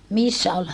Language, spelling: Finnish, missä oli
- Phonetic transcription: missä ol ?

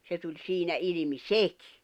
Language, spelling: Finnish, se tuli siinä ilmi sekin
- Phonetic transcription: 'se tuĺ 'siinä ilⁱmi "sekɪ .

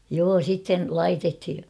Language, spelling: Finnish, joo sitten laitettiin
- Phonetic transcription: 'joo 'sitten , "laitethi .

